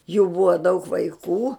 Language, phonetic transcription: Lithuanian, jų bua daug vaiˈkų

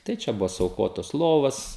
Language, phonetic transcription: Lithuanian, tai ˈčia ˈbuvo suauˈkotos ˈlovas

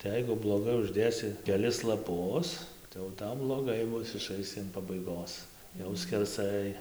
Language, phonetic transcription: Lithuanian, tai ˈjeigu bloˈgai užˈdėsi keˈlis laˈpus tai jau ˈtau bloˈgai ˈbus iˈšaisi an pabaiˈgos jau skerˈsai

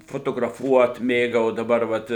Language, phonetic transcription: Lithuanian, fotograˈfuot ˈmėgau o daˈbar ˈvat

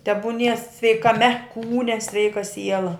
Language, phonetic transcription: Lithuanian, tebuˈnie sveikaˈme ˈkūne ˈsveika ˈsiela

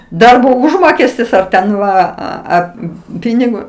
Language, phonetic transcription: Lithuanian, ˈdarbo ˈužmokestis ar ten ˈva ˈa ˈa ˈpynigo

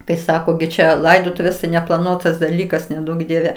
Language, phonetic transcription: Lithuanian, kai ˈsako gi ˈčia ˈlaidotuvės tai neplaˈnuotas daˈlykas neˈduok ˈdieve

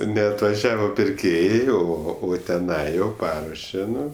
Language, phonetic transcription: Lithuanian, neatvaˈžiavo pirˈkėjai o ˈo o teˈnai jau ˈparuoše ˈnu

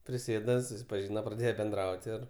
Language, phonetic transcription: Lithuanian, priˈsėda susipaˈžyna praˈdėje benˈdraut' ir

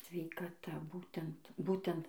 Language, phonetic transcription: Lithuanian, sveikaˈta ˈbūtent ˈbūtent

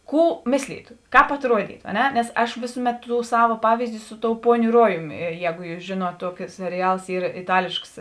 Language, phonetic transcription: Lithuanian, ˈkų ˈmislytu ˈkāp atˈruodytu a ˈne nes ˈaš ˈvėsuˌmet ˈtų ˈsava ˈpavyzdi ˈsu ˌˈtou ˈpuoniu ˈruojumi ˈjēgu ˈjūs ˈžėˌnuot ˈtuoki seriˈjals ˈyr iˈtalėšks

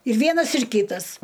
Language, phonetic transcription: Lithuanian, ir ˈvienas ir ˈkytas

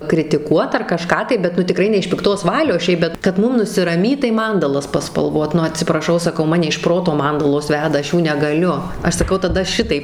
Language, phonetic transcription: Lithuanian, kritiˈkuot ar kaˈžką tai bet ˈnu tiˈkrai ne iš pikˈtos ˈvalios ˈšiaip bet kad ˈmum nusiraˈmyt tai ˈmandalas paspalˈvot ˈnu atsipraˈšau saˈkau ˈmane iš ˈproto ˈmandalos ˈveda ˈaš ˈjų negaˈliu ˈaš saˈkau taˈda ˈšitaip

